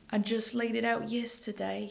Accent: in Bristish accent